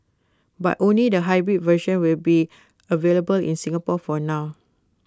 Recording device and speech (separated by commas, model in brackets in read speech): close-talking microphone (WH20), read sentence